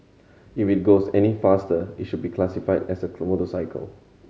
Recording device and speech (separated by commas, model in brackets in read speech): mobile phone (Samsung C7100), read sentence